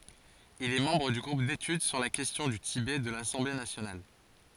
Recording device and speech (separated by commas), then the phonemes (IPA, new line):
forehead accelerometer, read sentence
il ɛ mɑ̃bʁ dy ɡʁup detyd syʁ la kɛstjɔ̃ dy tibɛ də lasɑ̃ble nasjonal